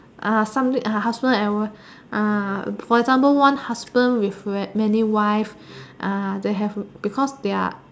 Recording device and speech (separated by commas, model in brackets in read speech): standing microphone, conversation in separate rooms